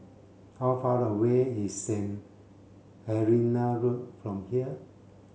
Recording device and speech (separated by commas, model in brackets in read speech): mobile phone (Samsung C7), read sentence